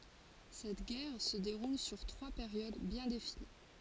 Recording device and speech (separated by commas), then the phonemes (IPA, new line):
forehead accelerometer, read sentence
sɛt ɡɛʁ sə deʁul syʁ tʁwa peʁjod bjɛ̃ defini